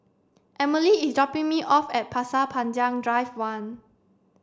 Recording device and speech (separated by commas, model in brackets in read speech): standing microphone (AKG C214), read sentence